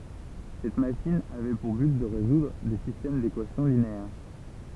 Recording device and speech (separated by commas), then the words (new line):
temple vibration pickup, read sentence
Cette machine avait pour but de résoudre des systèmes d'équations linéaires.